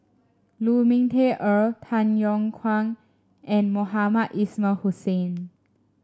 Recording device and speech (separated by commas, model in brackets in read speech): standing microphone (AKG C214), read sentence